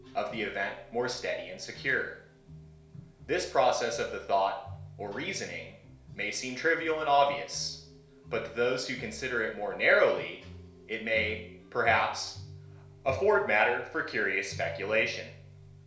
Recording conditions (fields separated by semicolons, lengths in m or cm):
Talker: one person; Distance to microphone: 1.0 m; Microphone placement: close; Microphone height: 1.1 m; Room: small (3.7 m by 2.7 m); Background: music